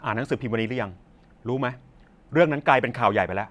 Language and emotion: Thai, frustrated